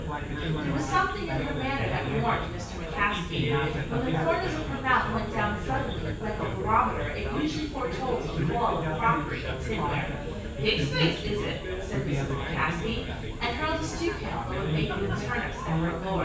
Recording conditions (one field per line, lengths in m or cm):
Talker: one person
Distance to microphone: 9.8 m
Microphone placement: far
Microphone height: 1.8 m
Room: large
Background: babble